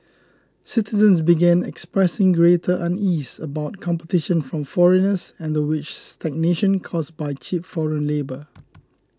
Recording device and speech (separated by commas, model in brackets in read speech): close-talking microphone (WH20), read sentence